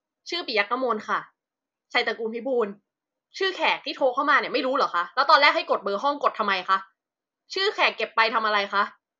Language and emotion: Thai, angry